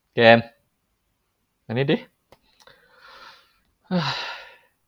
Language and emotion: Thai, frustrated